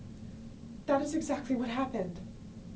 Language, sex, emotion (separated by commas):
English, female, fearful